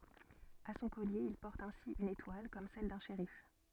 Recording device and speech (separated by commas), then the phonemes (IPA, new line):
soft in-ear microphone, read sentence
a sɔ̃ kɔlje il pɔʁt ɛ̃si yn etwal kɔm sɛl dœ̃ ʃeʁif